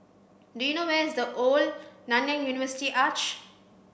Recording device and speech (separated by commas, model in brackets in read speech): boundary microphone (BM630), read sentence